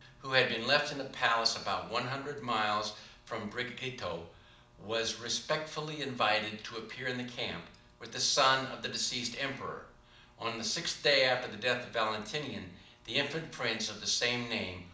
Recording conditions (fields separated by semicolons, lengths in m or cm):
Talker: one person; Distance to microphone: 2.0 m; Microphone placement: close; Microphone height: 99 cm; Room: medium-sized (5.7 m by 4.0 m); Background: none